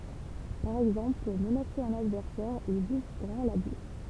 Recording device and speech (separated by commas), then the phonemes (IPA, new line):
temple vibration pickup, read sentence
paʁ ɛɡzɑ̃pl puʁ mənase œ̃n advɛʁsɛʁ ilz uvʁ ɡʁɑ̃ la buʃ